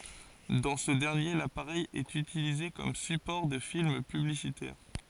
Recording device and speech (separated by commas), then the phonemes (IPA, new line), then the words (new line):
forehead accelerometer, read sentence
dɑ̃ sə dɛʁnje lapaʁɛj ɛt ytilize kɔm sypɔʁ də film pyblisitɛʁ
Dans ce dernier, l'appareil est utilisé comme support de films publicitaires.